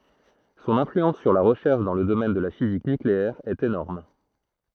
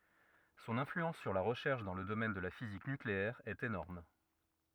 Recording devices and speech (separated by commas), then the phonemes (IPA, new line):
throat microphone, rigid in-ear microphone, read sentence
sɔ̃n ɛ̃flyɑ̃s syʁ la ʁəʃɛʁʃ dɑ̃ lə domɛn də la fizik nykleɛʁ ɛt enɔʁm